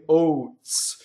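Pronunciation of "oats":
In 'oats', the o vowel has a glide: it moves toward an I vowel.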